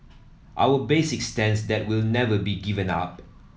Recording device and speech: mobile phone (iPhone 7), read sentence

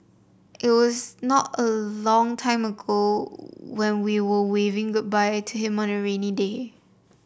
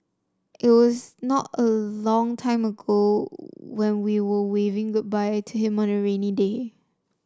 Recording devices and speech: boundary microphone (BM630), standing microphone (AKG C214), read sentence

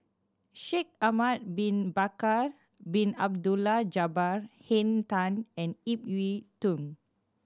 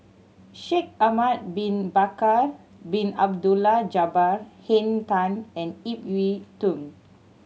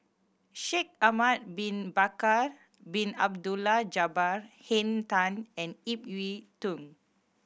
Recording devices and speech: standing microphone (AKG C214), mobile phone (Samsung C7100), boundary microphone (BM630), read sentence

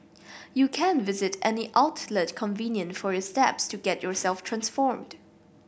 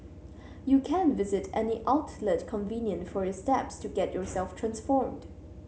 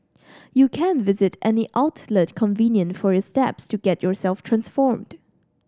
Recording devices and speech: boundary microphone (BM630), mobile phone (Samsung C7100), standing microphone (AKG C214), read sentence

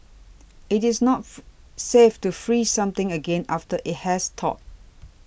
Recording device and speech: boundary microphone (BM630), read sentence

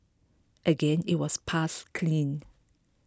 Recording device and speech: close-talking microphone (WH20), read sentence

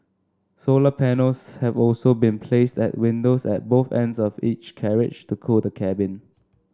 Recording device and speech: standing microphone (AKG C214), read sentence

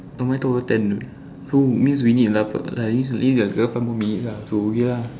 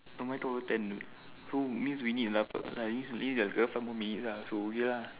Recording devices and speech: standing microphone, telephone, conversation in separate rooms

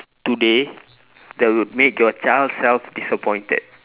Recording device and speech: telephone, conversation in separate rooms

